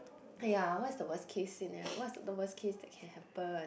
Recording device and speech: boundary microphone, conversation in the same room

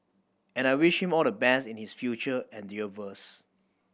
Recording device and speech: boundary microphone (BM630), read sentence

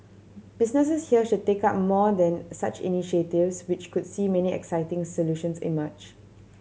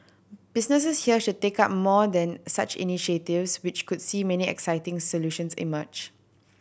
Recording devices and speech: mobile phone (Samsung C7100), boundary microphone (BM630), read sentence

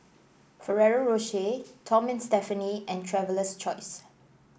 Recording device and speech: boundary microphone (BM630), read sentence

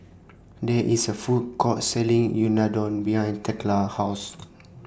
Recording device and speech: standing microphone (AKG C214), read sentence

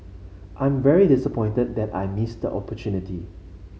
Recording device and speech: mobile phone (Samsung C5), read sentence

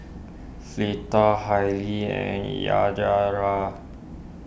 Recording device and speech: boundary microphone (BM630), read sentence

